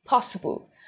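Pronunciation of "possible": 'Possible' is said with an American pronunciation, and not fast.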